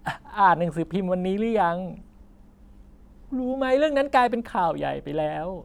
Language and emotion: Thai, sad